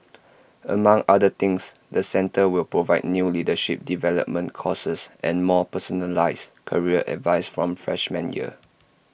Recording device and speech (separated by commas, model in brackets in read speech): boundary microphone (BM630), read sentence